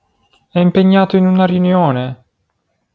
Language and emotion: Italian, sad